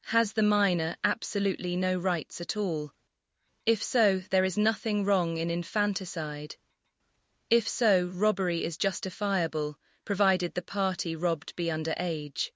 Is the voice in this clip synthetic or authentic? synthetic